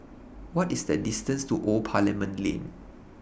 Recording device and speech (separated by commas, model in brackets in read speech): boundary microphone (BM630), read sentence